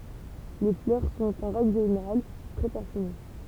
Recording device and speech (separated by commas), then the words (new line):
temple vibration pickup, read sentence
Les fleurs sont en règle générale très parfumées.